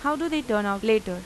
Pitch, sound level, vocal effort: 220 Hz, 90 dB SPL, normal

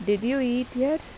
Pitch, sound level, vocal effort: 255 Hz, 86 dB SPL, normal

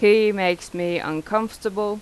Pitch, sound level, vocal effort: 205 Hz, 89 dB SPL, loud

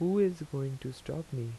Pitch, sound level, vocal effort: 140 Hz, 82 dB SPL, soft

